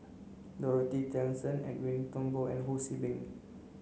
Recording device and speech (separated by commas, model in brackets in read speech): mobile phone (Samsung C9), read sentence